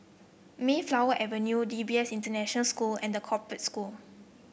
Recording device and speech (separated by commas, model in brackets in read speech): boundary microphone (BM630), read sentence